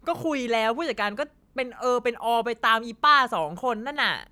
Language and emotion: Thai, frustrated